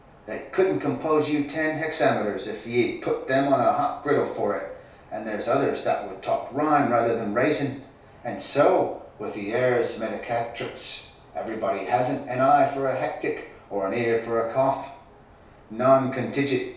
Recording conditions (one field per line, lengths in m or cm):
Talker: one person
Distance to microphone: 3.0 m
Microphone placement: far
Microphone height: 1.8 m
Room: small (3.7 m by 2.7 m)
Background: none